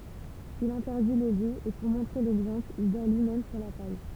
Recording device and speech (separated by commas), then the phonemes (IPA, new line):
temple vibration pickup, read sentence
il ɛ̃tɛʁdi le liz e puʁ mɔ̃tʁe lɛɡzɑ̃pl il dɔʁ lyimɛm syʁ la paj